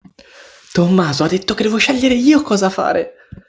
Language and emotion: Italian, happy